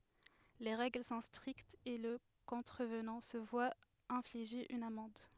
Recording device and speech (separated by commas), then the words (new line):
headset microphone, read sentence
Les règles sont strictes et le contrevenant se voit infliger une amende.